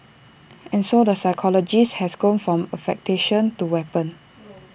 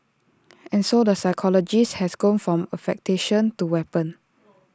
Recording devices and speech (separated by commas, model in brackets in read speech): boundary microphone (BM630), standing microphone (AKG C214), read sentence